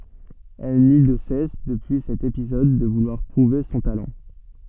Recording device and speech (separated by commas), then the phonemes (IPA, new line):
soft in-ear microphone, read sentence
ɛl ny də sɛs dəpyi sɛt epizɔd də vulwaʁ pʁuve sɔ̃ talɑ̃